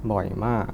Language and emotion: Thai, neutral